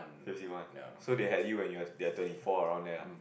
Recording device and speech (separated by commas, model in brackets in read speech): boundary microphone, conversation in the same room